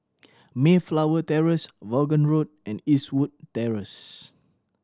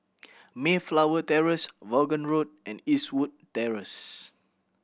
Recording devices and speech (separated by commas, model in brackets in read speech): standing microphone (AKG C214), boundary microphone (BM630), read sentence